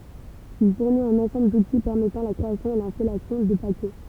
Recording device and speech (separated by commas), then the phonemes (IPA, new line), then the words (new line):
temple vibration pickup, read sentence
il fuʁnit œ̃n ɑ̃sɑ̃bl duti pɛʁmɛtɑ̃ la kʁeasjɔ̃ e lɛ̃stalasjɔ̃ də pakɛ
Il fournit un ensemble d'outils permettant la création et l'installation de paquets.